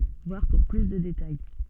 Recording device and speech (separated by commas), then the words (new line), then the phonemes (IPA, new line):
soft in-ear microphone, read sentence
Voir pour plus de détails.
vwaʁ puʁ ply də detaj